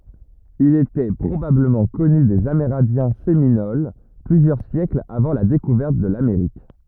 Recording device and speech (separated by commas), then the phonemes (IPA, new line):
rigid in-ear microphone, read sentence
il etɛ pʁobabləmɑ̃ kɔny dez ameʁɛ̃djɛ̃ seminol plyzjœʁ sjɛklz avɑ̃ la dekuvɛʁt də lameʁik